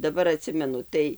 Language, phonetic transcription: Lithuanian, daˈbar aˈtsimenu ˈtai

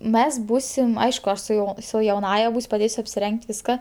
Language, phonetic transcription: Lithuanian, ˈmes ˈbūsim ˈaišku ˈaš su ˈjau su jauˈnąja ˈbūs' paˈdėsiu apsiˈreng't' ˈviska

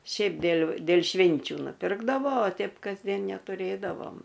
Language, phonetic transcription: Lithuanian, ˈšiaip dėl' dėl' ˈšvinčiu nuˈpirkdavo o ˈteip kasˈdien netuˈrėdavom

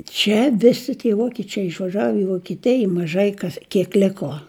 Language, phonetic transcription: Lithuanian, ˈčia ˈvisi tie ˈvokičiai išvaˈžav i vokiˈtij i maˈžai ˈkas kiek ˈliko

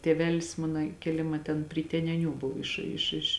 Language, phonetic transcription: Lithuanian, tėˈvelis ˈmana kėˈlima ten pri teneˈnių ˈbuv ˈiš iš iš

